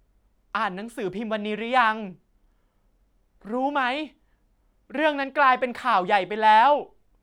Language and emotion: Thai, frustrated